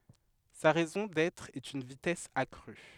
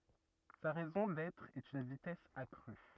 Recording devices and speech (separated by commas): headset microphone, rigid in-ear microphone, read sentence